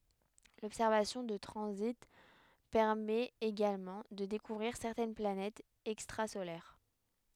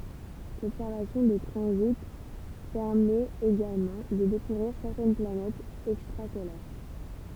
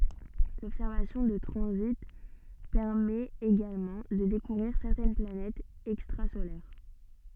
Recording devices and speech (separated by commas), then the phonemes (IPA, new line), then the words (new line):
headset microphone, temple vibration pickup, soft in-ear microphone, read sentence
lɔbsɛʁvasjɔ̃ də tʁɑ̃zit pɛʁmɛt eɡalmɑ̃ də dekuvʁiʁ sɛʁtɛn planɛtz ɛkstʁazolɛʁ
L'observation de transits permet également de découvrir certaines planètes extrasolaires.